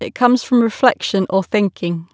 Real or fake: real